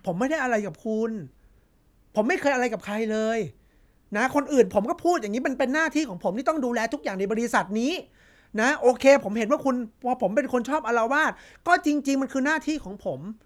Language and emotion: Thai, frustrated